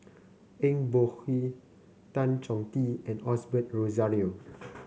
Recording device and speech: mobile phone (Samsung C9), read sentence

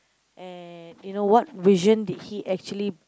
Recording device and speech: close-talking microphone, conversation in the same room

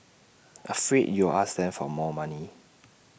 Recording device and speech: boundary microphone (BM630), read sentence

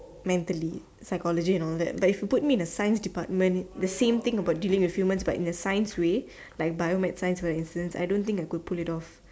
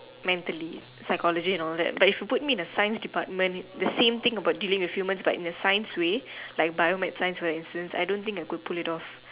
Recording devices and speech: standing microphone, telephone, conversation in separate rooms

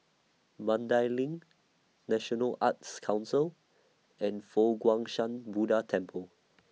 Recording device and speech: mobile phone (iPhone 6), read sentence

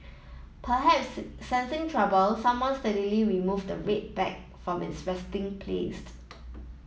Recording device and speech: mobile phone (iPhone 7), read sentence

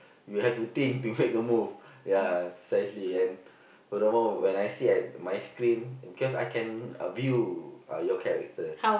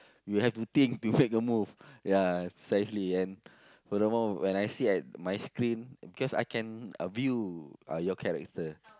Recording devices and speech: boundary microphone, close-talking microphone, conversation in the same room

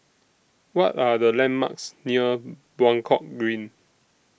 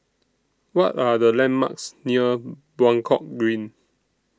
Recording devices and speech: boundary microphone (BM630), standing microphone (AKG C214), read sentence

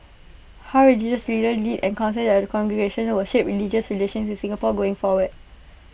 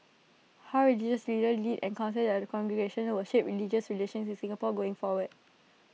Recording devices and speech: boundary microphone (BM630), mobile phone (iPhone 6), read sentence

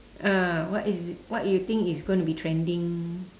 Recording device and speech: standing microphone, conversation in separate rooms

